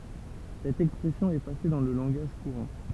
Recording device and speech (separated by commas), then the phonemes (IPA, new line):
temple vibration pickup, read sentence
sɛt ɛkspʁɛsjɔ̃ ɛ pase dɑ̃ lə lɑ̃ɡaʒ kuʁɑ̃